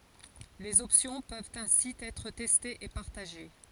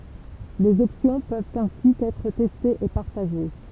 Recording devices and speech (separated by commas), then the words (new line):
forehead accelerometer, temple vibration pickup, read sentence
Les options peuvent ainsi être testées et partagées.